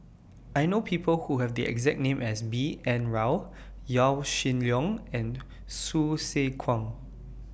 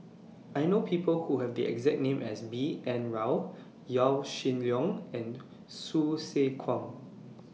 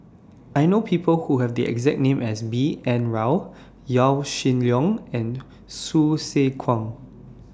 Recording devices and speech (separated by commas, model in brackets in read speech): boundary microphone (BM630), mobile phone (iPhone 6), standing microphone (AKG C214), read sentence